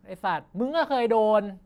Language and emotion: Thai, angry